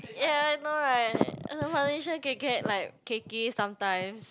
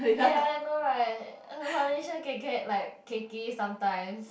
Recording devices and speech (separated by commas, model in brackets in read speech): close-talking microphone, boundary microphone, conversation in the same room